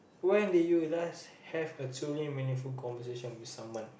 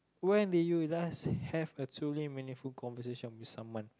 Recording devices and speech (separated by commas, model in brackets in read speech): boundary microphone, close-talking microphone, conversation in the same room